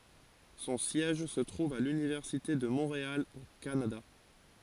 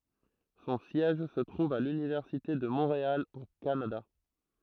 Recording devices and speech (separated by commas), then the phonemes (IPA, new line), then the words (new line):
forehead accelerometer, throat microphone, read sentence
sɔ̃ sjɛʒ sə tʁuv a lynivɛʁsite də mɔ̃ʁeal o kanada
Son siège se trouve à l’Université de Montréal au Canada.